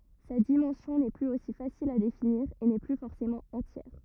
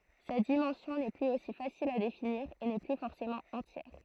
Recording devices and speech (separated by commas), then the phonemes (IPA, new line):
rigid in-ear microphone, throat microphone, read sentence
sa dimɑ̃sjɔ̃ nɛ plyz osi fasil a definiʁ e nɛ ply fɔʁsemɑ̃ ɑ̃tjɛʁ